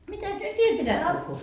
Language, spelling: Finnish, mitäs nyt vielä pitäisi puhua
- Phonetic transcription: 'mitäs nyt "viel pitäs 'puhhuu ?

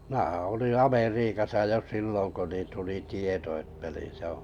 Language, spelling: Finnish, minähän olin Amerikassa jo silloin kun niin tuli tieto että niin se on
- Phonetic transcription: 'm ⁱnähää̰ oliḭ 'Ameriikasa 'jo "silloŋ ko nin tuli 'tieto että ni 'se ‿oo̰ .

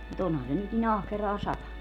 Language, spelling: Finnish, mutta onhan se nyt niin ahkeraan satanut
- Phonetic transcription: mu't ‿onhan se nyt ni'n ‿ahkeraa 'satanu .

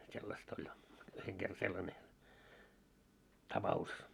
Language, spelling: Finnish, sellaista oli yhden kerran sellainen tapaus
- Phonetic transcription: sellast ‿oĺ , yheŋ ɢerra 'sellane , 'tapa₍us .

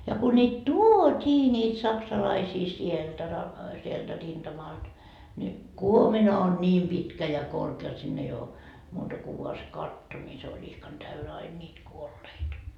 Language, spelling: Finnish, ja kun niitä tuotiin niitä saksalaisia sieltä - sieltä rintamalta niin kuomina on niin pitkä ja korkea jotta sinne ei ole muuta kuin vain se katto niin se oli ihkan täynnä aina niitä kuolleita
- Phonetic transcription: ja ku ńiit "tuo't́ii ńiit 'saksalaisii sieltä ra- , sieltä 'rinDamalD , ńi , "kuomina on ńiim 'pitkä ja 'korkee jot sinn ‿ei oo , muuta ku vua se "katto , ńi se oĺ 'ihkan 'täynä ain ńiit "kuolleit .

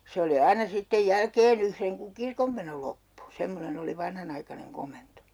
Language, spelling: Finnish, se oli aina sitten jälkeen yhden kun kirkonmeno loppui semmoinen oli vanhanaikainen komento
- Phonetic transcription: 'se oli "aina sittej 'jälkeen ‿yhreŋ kuŋ "kirkommeno loppu , 'semmonen ‿oli 'vanhanaikaneŋ 'komento .

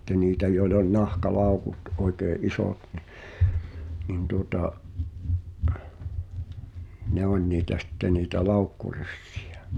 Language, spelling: Finnish, sitten niitä joilla oli nahkalaukut oikein isot niin niin tuota ne oli niitä sitten niitä laukkuryssiä
- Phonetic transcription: 'sitte niitä joil ‿oĺ 'nahka"làu̬kut , '’oikee "’isòt ni , nin tuŏta’ , "ne ‿oĺ niitä sⁱtte niitä "laukkuryssɪ₍ᴀ̈ .

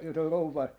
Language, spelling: Finnish, jota rouva
- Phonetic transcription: jota 'rouva , .

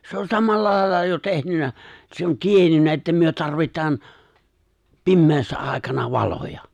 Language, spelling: Finnish, se on samalla lailla jo tehnyt se on tiennyt että me tarvitaan pimeässä aikana valoja
- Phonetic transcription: 'se ‿on 'samalla 'lài̬lla jo 'tehnyn̆nä , se ‿on "tiennyn̆nä että myö 'tarvit̀aan , 'pimmeessä ài̬kana "valoja .

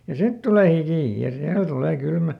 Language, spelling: Finnish, ja sitten tulee hiki ja silloin tulee kylmä
- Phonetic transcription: ja "sit tulè ˈhikì , ja ˈsillo ˈtulee ˈkylmä .

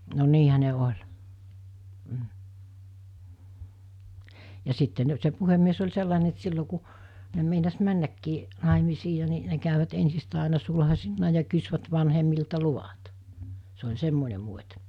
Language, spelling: Finnish, no niinhän ne oli mm ja sitten - se puhemies oli sellainen että se silloin kun ne meinasi mennäkin naimisiin ja niin ne kävivät ensistään aina sulhasina ja kysyvät vanhemmilta luvat se oli semmoinen muoti
- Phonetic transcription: no 'niihä ne oĺ , m̥ , ja 'sitte n- se 'puhemmies oĺ 'sellàene et se 'sillo ku , ne meinas 'männäkkii , 'nàemisii ja ni , ne käyvät ensistä̀e àena 'sulhasinna ja kysvät vanhemmilta 'luvat , se oĺ 'semmone muot̜ .

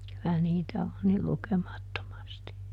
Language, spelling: Finnish, kyllä niitä on niin lukemattomasti
- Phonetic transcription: ky₍ä ˈniitä on ni ˈlukeˈmattomasti .

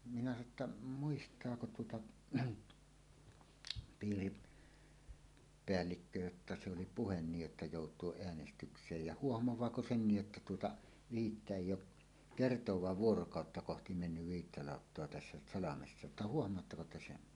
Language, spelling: Finnish, minä sanoin että muistaako tuota - piiripäällikkö jotta se oli puhe niin jotta joutua äänestykseen ja huomaako senkin jotta tuota viittä ei ole kertaakaan vuorokautta kohti mennyt viittä lauttaa tässä salmessa että huomaatteko te sen
- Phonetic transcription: minä sano ‿tta , » 'muist̀aako tuota , 'piiri- , "-peällikkö jotta se oli "puhen 'niij jotta 'jòut̀uoˀ 'ˀeänestyks̀eej ja "huohmowaako "sennij jotta tuota , "viittä 'èij̆j ‿oˀ , "kertowaav "vuorokàotta 'kohti mennyv 'viittä 'làottoa tässä "salamessa ᵊttä "huohm̀oattako 'te "sen « .

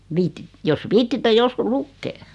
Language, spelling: Finnish, - jos viitsitte joskus lukea
- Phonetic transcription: 'viitit- , jos 'viittitte 'joskus "lukkee .

